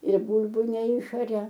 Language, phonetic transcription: Lithuanian, ir ˈbūlbu neˈišaria

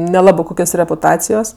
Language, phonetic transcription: Lithuanian, neˈlabɜ ˈkukios repuˈtacijos

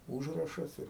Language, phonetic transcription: Lithuanian, ˈūžrašas ir

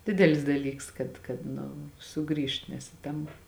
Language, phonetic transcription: Lithuanian, ˈdidelis daˈlyks kad kad ˈnu ˈsuˌgrįžt nes i ˈtam

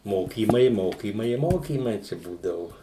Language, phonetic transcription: Lithuanian, ˈmokymai ˈmokymai i ˈmokymai čia ˈbūdavu

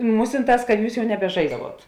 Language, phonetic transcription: Lithuanian, ˈmūsinˌtās kad ˈjūs ˈjau nebeˈžaisdavuot

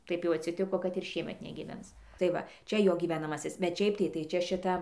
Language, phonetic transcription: Lithuanian, ˈtaip jau atsiˈtiko kad ir ˈšiemet negyˈvens tai ˈva ˈčia ˈjo gyvenaˈmasis bet ˈšiaip tai tai ˈčia šiˈta

